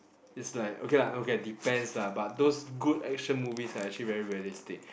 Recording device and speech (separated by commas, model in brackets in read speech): boundary microphone, conversation in the same room